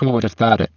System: VC, spectral filtering